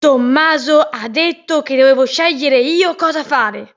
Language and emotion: Italian, angry